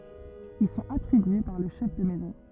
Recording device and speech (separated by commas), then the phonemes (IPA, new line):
rigid in-ear microphone, read sentence
il sɔ̃t atʁibye paʁ lə ʃɛf də mɛzɔ̃